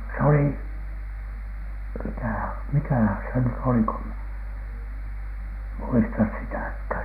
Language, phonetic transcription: Finnish, s ‿oli , "mi(tä) , "mikähÄ se nyt oli ko ‿m- , 'muistas "sitäkhä̀n .
- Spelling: se oli mitä mikähän se nyt oli kun - muista sitäkään

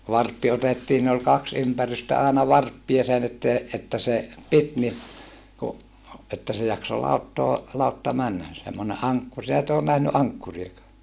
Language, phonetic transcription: Finnish, varppi otettii siin ‿ol kaks ympärystä àena varppia (sen että) , että se , pit ni , ku , että se jakso lauttoo , lautta männä semmone ʼaŋkkur sin ‿et ‿oon nähny ʼaŋkkuriekaa ?
- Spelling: varppi otettiin siinä oli kaksi ympärystä aina varppia sen että että se piti niin kun että se jaksoi lauttaa lautta mennä semmoinen ankkuri sinä et ole nähnyt ankkuriakaan

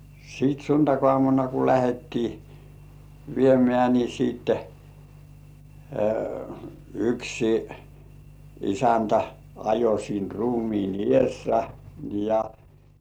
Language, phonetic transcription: Finnish, sit "suntakŏàmuna ku 'lähettii , 'viemĕä̀ ni siitte , yksi , "isäntä ajo siin 'ruumiin "ĭèssä ja - - .
- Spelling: sitten sunnuntaiaamuna kun lähdettiin viemään niin sitten yksi isäntä ajoi siinä ruumiin edessä ja

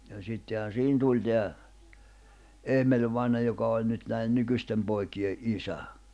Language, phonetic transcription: Finnish, ja sittehän 'siihin 'tuĺ teä , 'Emeĺvaina joka oĺ nyt näi₍en 'nykyśtem poikiʲe’ '’isä .
- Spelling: ja sittenhän siihen tuli tämä Emel-vainaja joka oli nyt näiden nykyisten poikien isä

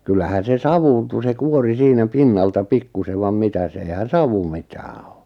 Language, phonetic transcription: Finnish, 'kyllähän̬ 'se "savuuntu se "kuori 'siinä 'pinnalta 'pikkusev vam 'mitäs eihän̬ "savu 'mitää o .
- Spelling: kyllähän se savuuntui se kuori siinä pinnalta pikkuisen vaan mitäs eihän savu mitään on

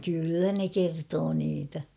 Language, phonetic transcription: Finnish, 'kyllä ne 'kertoo niitä .
- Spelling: kyllä ne kertoo niitä

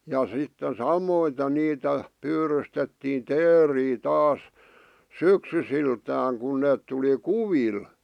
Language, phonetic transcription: Finnish, ja sitten 'samoite niitä , 'pyyrystettiin "teerii "taas , "syksysiltääŋ kun neet tuli "kuvil .
- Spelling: ja sitten samoiten niitä pyydystettiin teeriä taas syksyisiltänsä kun ne tuli kuville

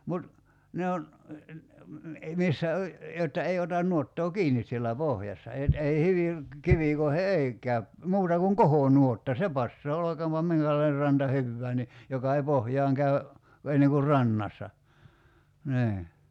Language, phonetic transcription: Finnish, 'mut , 'ne on , 'missä o , jotta 'ei otan 'nuottoo "kiinis siellä "pohjassa et 'ei 'hyviŋ , "kivìkoihe "ei 'käyp , 'muuta kuŋ "kohònuotta "se passaa 'olokaampa 'miŋkälain(er) 'ranta "hyvvää ni , joka ei 'pohjaaŋ 'käy̬ , enneŋ kur "rannassa , 'nii .
- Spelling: mutta ne on missä on jotta ei ota nuottaa kiinni siellä pohjassa että ei hyvin kivikoihin ei käy muuta kuin kohonuotta se passaa olkoonpa minkälainen ranta hyvään niin joka ei pohjaan käy ennen kuin rannassa niin

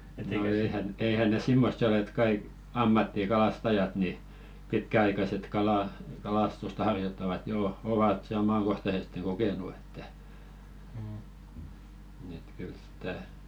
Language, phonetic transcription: Finnish, no 'eihän , 'eihän ne "simmossi ol ‿et 'kaik "ammattikalastajat ni , 'pitkä₍aikaset 'kalà- , 'kalastusta harjottavat jò 'ovat se "omaŋkohtaseste 'ko-kènu että , et 'kyl sitä ,.
- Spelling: no eihän eihän ne semmoisia ole että kaikki ammattikalastajat niin pitkäaikaiset - kalastusta harjoittavat jo ovat sen omakohtaisesti kokenut että että kyllä sitä

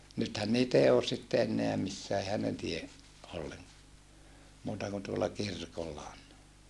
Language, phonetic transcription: Finnish, nythän niit ‿ei oos sitte enneä missää ehän ne tie , olleŋ(koa) , muuta kun tuolla kirkolla on .
- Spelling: nythän niitä ei ole sitten enää missään eihän ne tee ollenkaan muuta kuin tuolla kirkolla on

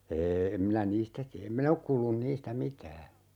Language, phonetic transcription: Finnish, ee , 'em minä "niistä tiä em "min ‿ok kuullun 'niistä "mitää .
- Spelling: ei en minä niistä tiedä en minä ole kuullut niistä mitään

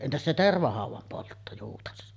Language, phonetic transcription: Finnish, 'entäs se "tervahàuvam 'poltto , juutas .
- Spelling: entäs se tervahaudan poltto juutas

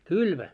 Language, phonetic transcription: Finnish, kylmä .
- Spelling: kylmä

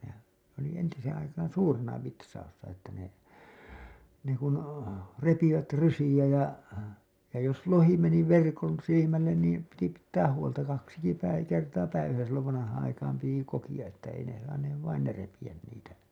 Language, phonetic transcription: Finnish, nehän̬ , oli entiseeḛ aikaan̬ 'suurena 'vitsaussa että ne , ne kun , 'repivät 'rysiʲä ja , ja jos 'lohi meni 'verkon 'silimällen niim , piti pittääh huolta kaksiki päi- , kerta 'päiväsä sillov vanahaaa̰ aikaam piti 'kokiʲa 'että ei ne saaneev vain 'ne repiʲän niitä .
- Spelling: nehän oli entiseen aikaan suurena vitsauksena että ne ne kun repivät rysiä ja ja jos lohi meni verkon silmälle niin piti pitää huolta kaksikin - kertaa päivässä silloin vanhaan aikaan piti kokea että ei ne saaneet vain ne repiä niitä

